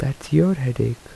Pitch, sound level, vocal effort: 140 Hz, 76 dB SPL, soft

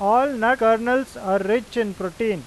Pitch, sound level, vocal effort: 225 Hz, 96 dB SPL, loud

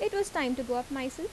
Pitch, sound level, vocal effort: 270 Hz, 83 dB SPL, normal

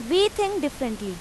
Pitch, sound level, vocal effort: 295 Hz, 90 dB SPL, very loud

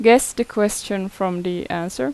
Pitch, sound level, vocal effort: 195 Hz, 83 dB SPL, normal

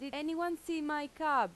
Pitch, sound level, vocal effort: 300 Hz, 91 dB SPL, very loud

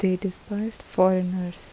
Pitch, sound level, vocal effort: 185 Hz, 76 dB SPL, soft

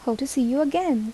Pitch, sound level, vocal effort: 265 Hz, 76 dB SPL, soft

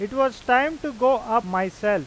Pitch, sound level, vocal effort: 240 Hz, 97 dB SPL, loud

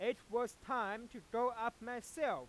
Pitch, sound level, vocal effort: 240 Hz, 101 dB SPL, loud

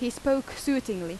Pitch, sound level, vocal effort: 245 Hz, 86 dB SPL, loud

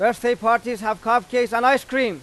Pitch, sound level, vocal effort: 240 Hz, 100 dB SPL, very loud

